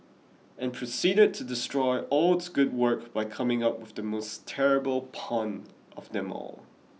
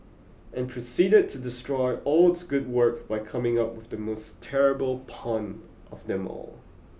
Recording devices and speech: mobile phone (iPhone 6), boundary microphone (BM630), read sentence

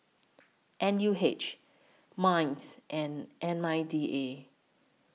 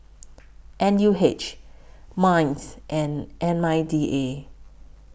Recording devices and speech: mobile phone (iPhone 6), boundary microphone (BM630), read sentence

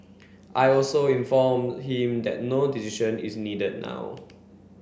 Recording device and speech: boundary microphone (BM630), read sentence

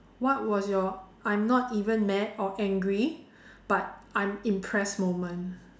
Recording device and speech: standing microphone, conversation in separate rooms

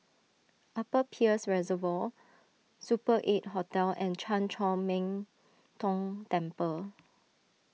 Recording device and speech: mobile phone (iPhone 6), read sentence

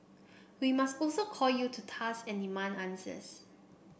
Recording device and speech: boundary microphone (BM630), read sentence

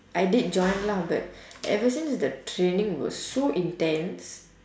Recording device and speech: standing microphone, conversation in separate rooms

